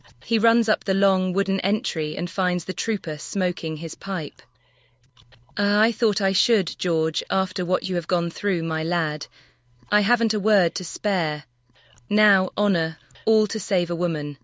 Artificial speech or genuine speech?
artificial